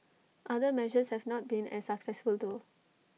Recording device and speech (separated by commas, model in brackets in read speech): mobile phone (iPhone 6), read sentence